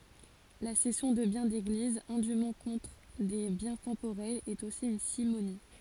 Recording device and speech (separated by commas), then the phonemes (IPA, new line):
forehead accelerometer, read sentence
la sɛsjɔ̃ də bjɛ̃ deɡliz ɛ̃dym kɔ̃tʁ de bjɛ̃ tɑ̃poʁɛlz ɛt osi yn simoni